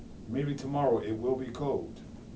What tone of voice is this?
neutral